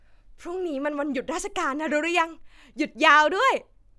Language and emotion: Thai, happy